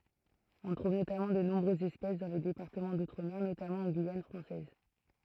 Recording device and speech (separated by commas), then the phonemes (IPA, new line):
throat microphone, read sentence
ɔ̃ tʁuv notamɑ̃ də nɔ̃bʁøzz ɛspɛs dɑ̃ le depaʁtəmɑ̃ dutʁəme notamɑ̃ ɑ̃ ɡyijan fʁɑ̃sɛz